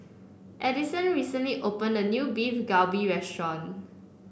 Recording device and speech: boundary microphone (BM630), read sentence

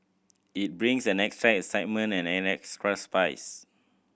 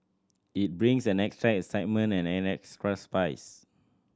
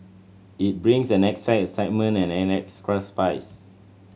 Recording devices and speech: boundary microphone (BM630), standing microphone (AKG C214), mobile phone (Samsung C7100), read sentence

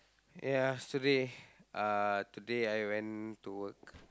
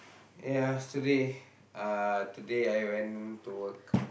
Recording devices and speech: close-talking microphone, boundary microphone, conversation in the same room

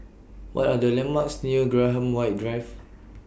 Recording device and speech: boundary microphone (BM630), read sentence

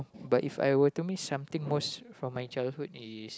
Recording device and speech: close-talking microphone, conversation in the same room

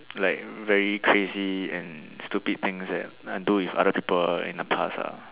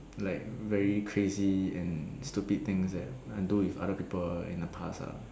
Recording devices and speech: telephone, standing microphone, conversation in separate rooms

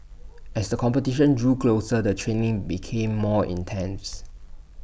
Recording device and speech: boundary microphone (BM630), read sentence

